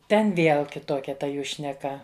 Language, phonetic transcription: Lithuanian, ˈten ˈvėl kitˈokia ta ˈjų šneˈka

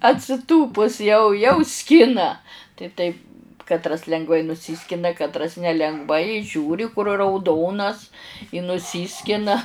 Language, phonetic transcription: Lithuanian, atsiˈtūpus jau jau ˈskina tai ˈtaip katˈras lengˈvai nuˈsyskina katˈras nelengˈvai ˈžiūri kur rauˈdonas i nuˈsyskina

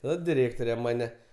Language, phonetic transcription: Lithuanian, ˈnu diˈrėktore ˈmane

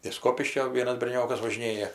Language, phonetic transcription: Lithuanian, iš ˈskopiškio ˈvienas berˈniokas važiˈnėja

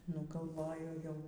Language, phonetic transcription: Lithuanian, nu galˈvoju jau

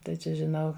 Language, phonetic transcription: Lithuanian, tai ˈčia žiˈnau

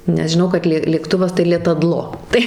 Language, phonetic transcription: Lithuanian, nes žiˈnau kad ˈlė lėkˈtuvas tai (lėtaˈdlo) tai

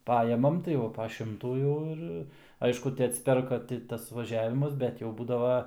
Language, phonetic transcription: Lithuanian, ˈpajemam tai ˈva pa ˈšimtų ˈjau ir ˈaišku ti atsiˈperka ˈti tas vaˈžiavimas ˈbet jau ˈbūdava

